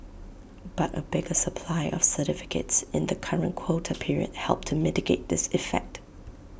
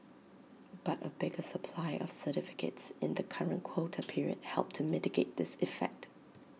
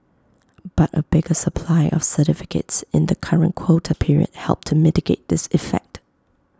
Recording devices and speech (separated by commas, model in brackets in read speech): boundary microphone (BM630), mobile phone (iPhone 6), close-talking microphone (WH20), read sentence